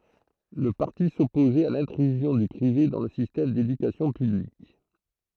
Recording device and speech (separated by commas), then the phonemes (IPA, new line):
throat microphone, read sentence
lə paʁti sɔpozɛt a lɛ̃tʁyzjɔ̃ dy pʁive dɑ̃ lə sistɛm dedykasjɔ̃ pyblik